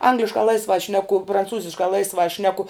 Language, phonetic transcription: Lithuanian, ˈangliškā ˈlaisvā ˈšneku pranˈcūziškā ˈlaisvā ˈšneku

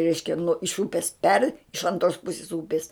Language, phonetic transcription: Lithuanian, ˈreiškia nuo iš ˈūpis per' iš anˈtros ˈpusis ˈūpis

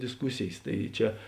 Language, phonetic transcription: Lithuanian, disˈkusėjės ˈtai ˈčia

